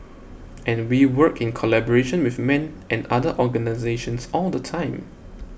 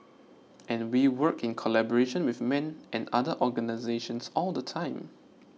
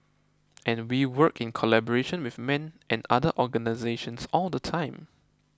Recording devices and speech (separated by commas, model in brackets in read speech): boundary microphone (BM630), mobile phone (iPhone 6), close-talking microphone (WH20), read sentence